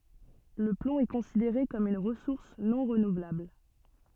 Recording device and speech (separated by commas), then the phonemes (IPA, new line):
soft in-ear microphone, read sentence
lə plɔ̃ ɛ kɔ̃sideʁe kɔm yn ʁəsuʁs nɔ̃ ʁənuvlabl